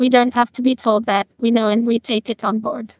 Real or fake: fake